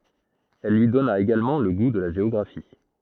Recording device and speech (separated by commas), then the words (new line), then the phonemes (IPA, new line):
throat microphone, read sentence
Il lui donna également le goût de la géographie.
il lyi dɔna eɡalmɑ̃ lə ɡu də la ʒeɔɡʁafi